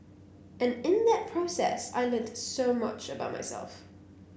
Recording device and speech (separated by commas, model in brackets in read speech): boundary microphone (BM630), read sentence